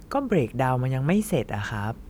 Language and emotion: Thai, frustrated